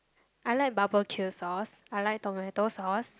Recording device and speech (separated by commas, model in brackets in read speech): close-talking microphone, conversation in the same room